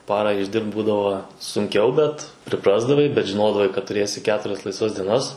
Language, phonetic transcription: Lithuanian, ˈparą išˈdirbt ˈbūdavo sunˈkiau ˈbet priˈprasdavai bet žiˈnodavai kad tuˈrėsi ˈketurias laisˈvas dieˈnas

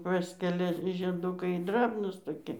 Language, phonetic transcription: Lithuanian, ˈpaskelia žieˈdukai ˈdrabnūs toˈki

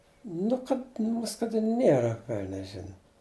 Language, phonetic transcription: Lithuanian, ˈnu kad ˈmus kad ˈnėra ˈvelnias ˈžina

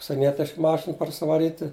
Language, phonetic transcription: Lithuanian, užsieˈnietišk ˈmašin parsivaˈryti

